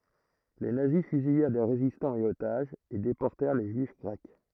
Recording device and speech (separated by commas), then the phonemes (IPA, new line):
throat microphone, read sentence
le nazi fyzijɛʁ de ʁezistɑ̃z e otaʒz e depɔʁtɛʁ le ʒyif ɡʁɛk